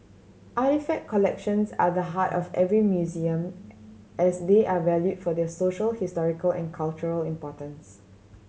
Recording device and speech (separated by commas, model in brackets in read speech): mobile phone (Samsung C7100), read sentence